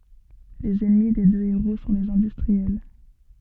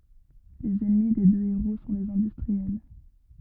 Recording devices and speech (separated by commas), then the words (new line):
soft in-ear microphone, rigid in-ear microphone, read sentence
Les ennemis des deux héros sont les industriels.